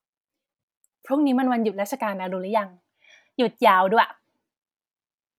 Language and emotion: Thai, happy